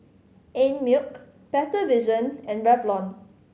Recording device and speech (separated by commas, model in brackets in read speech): mobile phone (Samsung C5010), read sentence